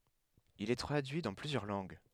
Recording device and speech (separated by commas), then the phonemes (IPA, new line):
headset microphone, read sentence
il ɛ tʁadyi dɑ̃ plyzjœʁ lɑ̃ɡ